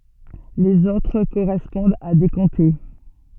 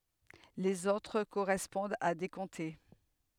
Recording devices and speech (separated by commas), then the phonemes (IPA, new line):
soft in-ear microphone, headset microphone, read sentence
lez otʁ koʁɛspɔ̃dt a de kɔ̃te